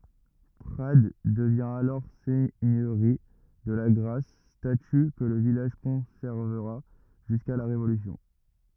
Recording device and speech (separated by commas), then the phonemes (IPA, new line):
rigid in-ear microphone, read sentence
pʁad dəvjɛ̃ alɔʁ sɛɲøʁi də laɡʁas staty kə lə vilaʒ kɔ̃sɛʁvəʁa ʒyska la ʁevolysjɔ̃